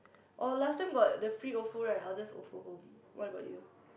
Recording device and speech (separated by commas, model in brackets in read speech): boundary microphone, conversation in the same room